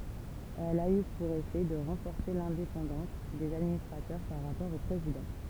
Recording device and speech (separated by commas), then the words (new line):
temple vibration pickup, read sentence
Elle a eu pour effet de renforcer l'indépendance des administrateurs par rapport au président.